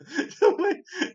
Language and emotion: Thai, happy